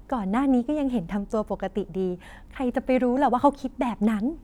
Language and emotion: Thai, happy